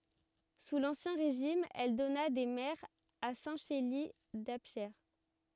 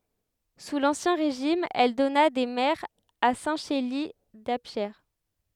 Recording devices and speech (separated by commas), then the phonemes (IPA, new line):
rigid in-ear microphone, headset microphone, read sentence
su lɑ̃sjɛ̃ ʁeʒim ɛl dɔna de mɛʁz a sɛ̃ ʃeli dapʃe